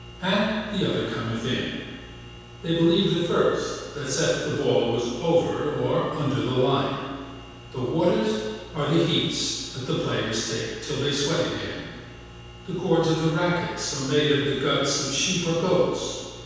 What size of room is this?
A big, echoey room.